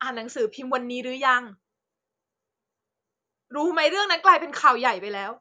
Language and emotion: Thai, frustrated